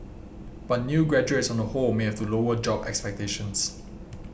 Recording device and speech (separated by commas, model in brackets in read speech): boundary microphone (BM630), read sentence